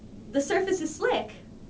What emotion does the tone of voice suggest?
happy